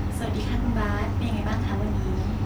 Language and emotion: Thai, neutral